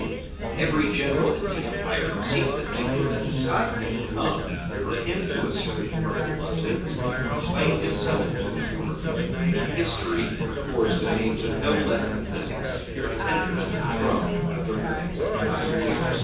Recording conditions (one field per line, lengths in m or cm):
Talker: one person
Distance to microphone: 9.8 m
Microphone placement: far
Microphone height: 1.8 m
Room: large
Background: babble